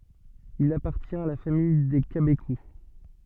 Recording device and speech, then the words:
soft in-ear microphone, read sentence
Il appartient à la famille des cabécous.

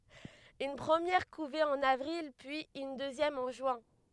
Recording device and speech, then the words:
headset microphone, read sentence
Une première couvée en avril puis une deuxième en juin.

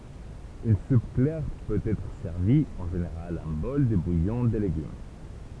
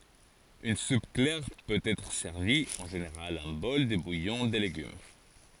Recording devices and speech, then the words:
temple vibration pickup, forehead accelerometer, read sentence
Une soupe claire peut être servie, en général un bol de bouillon de légumes.

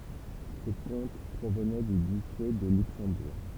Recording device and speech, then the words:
temple vibration pickup, read sentence
Ces comtes provenaient du duché de Luxembourg.

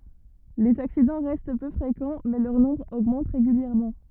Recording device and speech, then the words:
rigid in-ear microphone, read sentence
Les accidents restent peu fréquents mais leur nombre augmente régulièrement.

